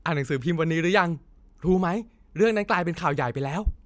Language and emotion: Thai, happy